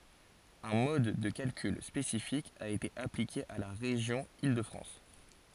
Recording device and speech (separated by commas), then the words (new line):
forehead accelerometer, read sentence
Un mode de calcul spécifique a été appliqué à la région Île-de-France.